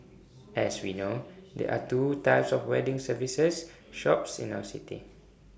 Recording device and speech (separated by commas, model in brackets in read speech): boundary microphone (BM630), read sentence